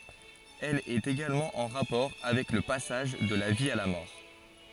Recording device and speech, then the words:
forehead accelerometer, read sentence
Elle est également en rapport avec le passage de la vie à la mort.

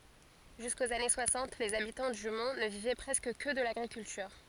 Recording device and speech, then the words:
forehead accelerometer, read sentence
Jusqu'aux années soixante, les habitants du Mont ne vivaient presque que de l’agriculture.

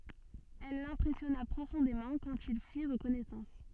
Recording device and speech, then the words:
soft in-ear microphone, read sentence
Elle l’impressionna profondément quand ils firent connaissance.

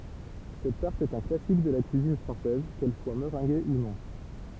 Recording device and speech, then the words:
temple vibration pickup, read sentence
Cette tarte est un classique de la cuisine française, qu'elle soit meringuée ou non.

